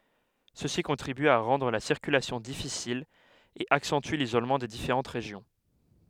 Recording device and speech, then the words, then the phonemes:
headset microphone, read sentence
Ceci contribue à rendre la circulation difficile et accentue l'isolement des différentes régions.
səsi kɔ̃tʁiby a ʁɑ̃dʁ la siʁkylasjɔ̃ difisil e aksɑ̃ty lizolmɑ̃ de difeʁɑ̃t ʁeʒjɔ̃

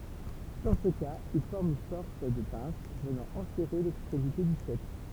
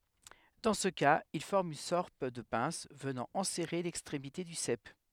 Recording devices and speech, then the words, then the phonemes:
temple vibration pickup, headset microphone, read sentence
Dans ce cas, il forme une sorte de pince venant enserrer l'extrémité du sep.
dɑ̃ sə kaz il fɔʁm yn sɔʁt də pɛ̃s vənɑ̃ ɑ̃sɛʁe lɛkstʁemite dy sɛp

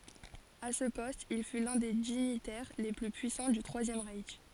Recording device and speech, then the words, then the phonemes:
forehead accelerometer, read sentence
À ce poste, il fut l'un des dignitaires les plus puissants du Troisième Reich.
a sə pɔst il fy lœ̃ de diɲitɛʁ le ply pyisɑ̃ dy tʁwazjɛm ʁɛʃ

